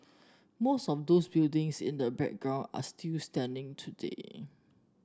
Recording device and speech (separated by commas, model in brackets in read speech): standing microphone (AKG C214), read sentence